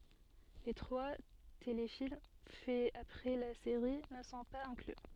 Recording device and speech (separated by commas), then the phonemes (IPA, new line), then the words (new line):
soft in-ear microphone, read sentence
le tʁwa telefilm fɛz apʁɛ la seʁi nə sɔ̃ paz ɛ̃kly
Les trois téléfilms faits après la série ne sont pas inclus.